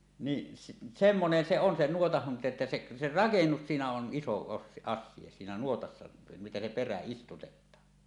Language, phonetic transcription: Finnish, ni , 'semmonen se 'on 'nuotah (haŋkinta) että se , 'se "rakennus 'siinä on 'ˀiso os- "as̆sie siinä 'nuotassa , miten se 'perä "istutet̆taa .
- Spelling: niin semmoinen se on nuotan hankinta että se se rakennus siinä on iso - asia siinä nuotassa miten se perä istutetaan

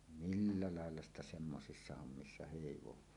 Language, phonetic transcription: Finnish, milla "làella ‿sta semmosissa hommissa 'hèivoẁaa .
- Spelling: millä lailla sitä semmoisissa hommissa heivaa

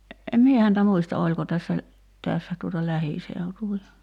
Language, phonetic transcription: Finnish, em 'mie häntä "muista 'oĺko tässä , 'tässä tuota "lähìseutuvi(lla) .
- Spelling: en minä häntä muista oliko tässä tässä tuota lähiseutuvilla

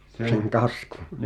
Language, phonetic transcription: Finnish, seŋ 'kaskᴜɴ .
- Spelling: sen kaskun

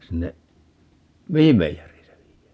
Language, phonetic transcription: Finnish, 'sinne , "mihim 'meijer̀ii se (viijää) ?
- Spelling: sinne mihin meijeriin se viedään

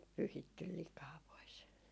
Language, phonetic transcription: Finnish, pyhittyl 'likaa pois .
- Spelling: pyyhitty likaa pois

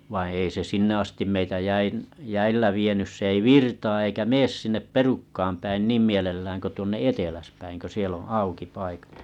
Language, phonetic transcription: Finnish, vaiḭ ei se 'sinne astim meitä 'jäin- 'jäillä vienys 's ‿ei "virtaa eikä "mees sinnep "perukkaam päin 'niim mielellääŋ ko tuonne 'eteläspäiŋ kö 'sie ‿on̬ 'auki 'paikat .
- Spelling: vaan ei se sinne asti meitä - jäillä vienyt se ei virtaa eikä mene sinne perukkaan päin niin mielellään kuin tuonne eteläspäin kun siellä on auki paikat

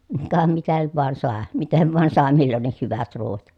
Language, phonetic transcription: Finnish, ka mitä nyt voan sàe , miten vàen sàe millonnih hyvät ruuvat .
- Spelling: ka mitä nyt vain sai miten vain sai milloinkin hyvät ruuat

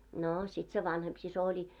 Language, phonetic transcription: Finnish, 'noo , sit se 'vanhemp sis ‿oĺi .
- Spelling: no sitten se vanhempi sisko oli

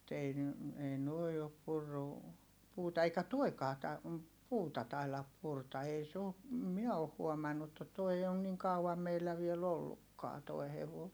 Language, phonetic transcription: Finnish, [mu]t ‿ei ne , ei nuoi̮ op purru , puuta - eikä tuoi̮kaa ta- , puuta tailap purta ei s ‿oo , em miɛ oh huomannu ‿[mu]tta toi on niŋ kau₍am meillä viel ‿ollukkaa toi̮ hevoo .
- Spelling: mutta ei ne ei nuo ole purrut puuta eikä tuokaan - puuta taida purra ei se ole en minä ole huomannut mutta tuo ole niin kauan meillä vielä ollutkaan tuo hevonen

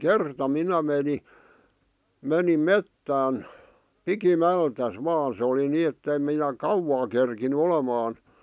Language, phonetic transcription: Finnish, kerta 'minä meni , 'menim "mettään , "piki'mältäs 'vaan̬ se oli 'nii etteⁱm minä "kauwaa kerkiny 'olemaan ,.
- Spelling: kerta minä menin menin metsään pikimmältään vain se oli niin että en minä kauaa kerinnyt olemaan

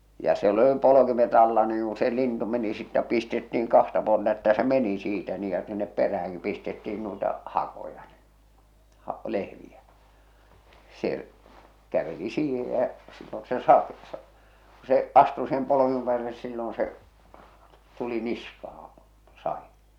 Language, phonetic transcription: Finnish, ja siel ‿°li 'polokimet ‿alla niiŋ ku se 'lintu meni sittä 'pistetti₍iŋ "kahta puolta että se "meni siitä nii ja sinnep 'perähäŋkip pistetti₍in nuita , "hakoja ɴɪ , ha- , 'lehviä , "se’ , 'käveli 'siihej jä’ , sillon se "sake- , sᴀ- , ku se , 'astu siihem poloᵏⁱᵐᵉᵐ päälle (ni) sillon se , tuli 'niskahaa̰ , 'sa₍in .
- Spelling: ja siellä oli polkimet alla niin kun se lintu meni sitten pistettiin kahta puolta että se meni siitä niin ja sinne peräänkin pistettiin noita hakoja niin - lehviä se käveli siihen ja silloin se - - kun se astui siihen polkimen päälle niin silloin se tuli niskaan sadin

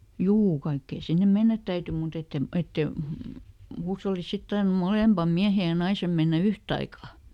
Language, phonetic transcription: Finnish, "juu , ˈkaikkeen̬ ˈsinnem̆ "mennät täyty muˈt ‿ettem , ˈette , ˈhuushollisᵗ ˈsit tarnum "molèmpam ˈmiähej̆ ja ˈnaisem mennä "yhtaika .
- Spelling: juu kaikkien sinne mennä täytyi mutta että en että ei huushollissa sitten tarvinnut molempien miehen ja naisen mennä yhtaikaa

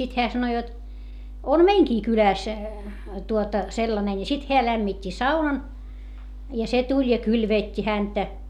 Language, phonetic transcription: Finnish, sit heä sano jot , » om meiŋkii kylä̀s , tuota , sellane » ni sit heä lämmit́t́i saunan , ja se tuĺ ja kylvèt́t́i häntä .
- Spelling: sitten hän sanoi jotta on meidänkin kylässä tuota sellainen niin sitten hän lämmitti saunan ja se tuli ja kylvetti häntä

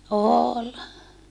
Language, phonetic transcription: Finnish, ool .
- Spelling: oli

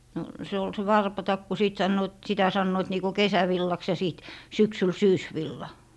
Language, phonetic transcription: Finnish, no , 'se ol se "warpatakku 'sìt 'sannoot , 'sitä sannoit niiko "kesävillaks ja 'sìt , 'syksyl "syysvilla .
- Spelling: no se oli se varpatakku sitten sanovat sitä sanoivat niin kuin kesävillaksi ja sitten syksyllä syysvilla

